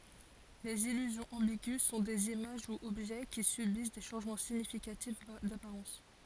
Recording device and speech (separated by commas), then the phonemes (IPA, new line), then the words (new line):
forehead accelerometer, read sentence
lez ilyzjɔ̃z ɑ̃biɡy sɔ̃ dez imaʒ u ɔbʒɛ ki sybis de ʃɑ̃ʒmɑ̃ siɲifikatif dapaʁɑ̃s
Les illusions ambiguës sont des images ou objets qui subissent des changements significatifs d'apparence.